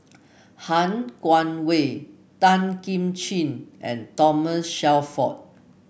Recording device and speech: boundary microphone (BM630), read sentence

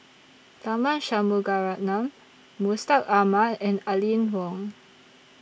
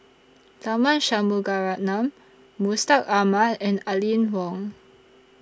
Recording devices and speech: boundary microphone (BM630), standing microphone (AKG C214), read sentence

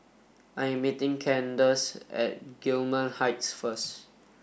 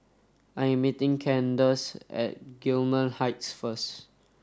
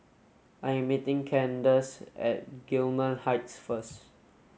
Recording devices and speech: boundary microphone (BM630), standing microphone (AKG C214), mobile phone (Samsung S8), read sentence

